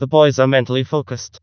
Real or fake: fake